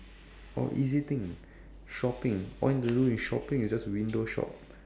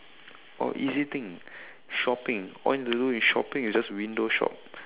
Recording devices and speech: standing microphone, telephone, conversation in separate rooms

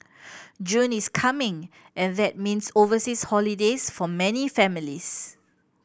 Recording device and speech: boundary microphone (BM630), read sentence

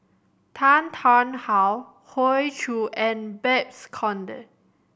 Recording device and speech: boundary microphone (BM630), read sentence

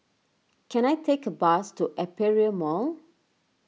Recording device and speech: mobile phone (iPhone 6), read sentence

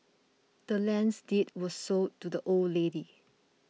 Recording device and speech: mobile phone (iPhone 6), read sentence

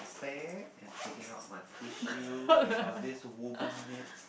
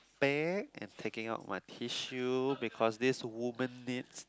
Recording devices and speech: boundary microphone, close-talking microphone, conversation in the same room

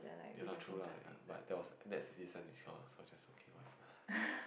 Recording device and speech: boundary microphone, conversation in the same room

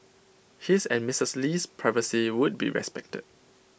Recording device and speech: boundary microphone (BM630), read sentence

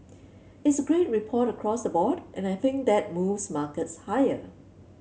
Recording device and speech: mobile phone (Samsung C7), read sentence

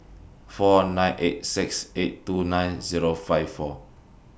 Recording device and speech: boundary microphone (BM630), read sentence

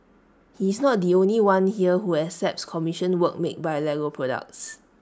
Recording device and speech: standing microphone (AKG C214), read sentence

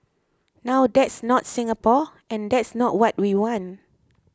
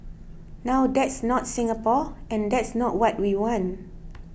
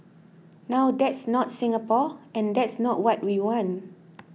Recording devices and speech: close-talking microphone (WH20), boundary microphone (BM630), mobile phone (iPhone 6), read sentence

